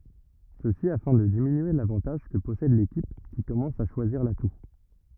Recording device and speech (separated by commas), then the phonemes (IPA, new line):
rigid in-ear microphone, read sentence
səsi afɛ̃ də diminye lavɑ̃taʒ kə pɔsɛd lekip ki kɔmɑ̃s a ʃwaziʁ latu